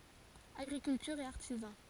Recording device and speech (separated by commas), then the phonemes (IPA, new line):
forehead accelerometer, read sentence
aɡʁikyltyʁ e aʁtizɑ̃